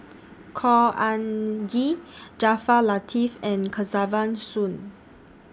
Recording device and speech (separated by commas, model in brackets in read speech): standing microphone (AKG C214), read sentence